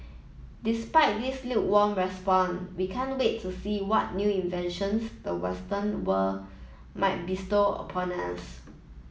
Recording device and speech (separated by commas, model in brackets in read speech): mobile phone (iPhone 7), read sentence